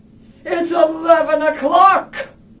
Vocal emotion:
angry